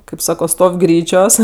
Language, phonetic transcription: Lithuanian, kaip ˈsako ˈstov' ˈgryčios

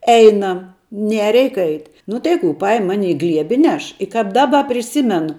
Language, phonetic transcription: Lithuanian, ˈeinam ˈne ˈreik ˈait' nu tai ˈkų ˈpaim ˈmani i ˈgliebi i ˈneš i kap ˈdaba priˈsimenu

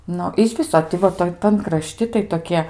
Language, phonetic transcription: Lithuanian, ˈnu iš ˈviso ti ˈva ˈtoj tan kraˈšti tai toˈkie

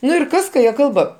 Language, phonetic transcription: Lithuanian, ˈnu ir ˈkas ka ˈjie ˈkalba

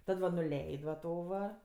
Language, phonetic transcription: Lithuanian, ˈtad va nuˈleid' va ˈto va

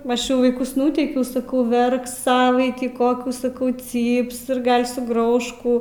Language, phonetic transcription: Lithuanian, ˈaš ˈčia vaiˈkus ˈnūteikiau saˈkau ˈverks ˈsavaitį ˈkokių saˈkau ˈcyps ir ˈgal' suˈgrauš ˈkų

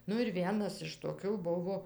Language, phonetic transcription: Lithuanian, ˈnu ir ˈvienas iš toˈkių ˈbuvo

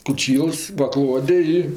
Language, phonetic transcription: Lithuanian, koˈčyls paˈklode ˈi

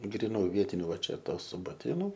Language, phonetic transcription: Lithuanian, griˈnų ˈvietiniu ˈva ˈčia ˈtos subaˈtėnu

